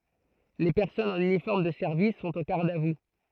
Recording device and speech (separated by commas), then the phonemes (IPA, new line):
throat microphone, read sentence
le pɛʁsɔnz ɑ̃n ynifɔʁm də sɛʁvis sɔ̃t o ɡaʁd a vu